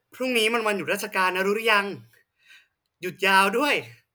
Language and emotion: Thai, happy